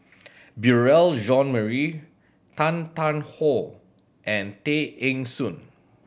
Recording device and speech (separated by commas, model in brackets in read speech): boundary microphone (BM630), read sentence